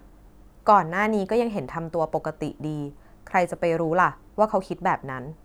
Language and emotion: Thai, neutral